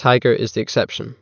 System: none